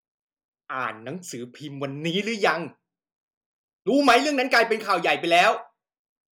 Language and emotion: Thai, angry